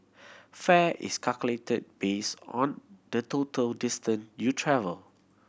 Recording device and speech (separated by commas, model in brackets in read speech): boundary microphone (BM630), read sentence